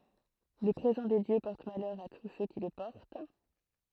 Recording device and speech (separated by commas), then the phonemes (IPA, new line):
throat microphone, read sentence
lə pʁezɑ̃ de djø pɔʁt malœʁ a tus sø ki lə pɔʁt